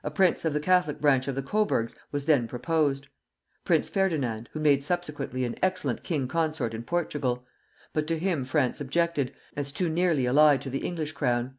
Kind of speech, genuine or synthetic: genuine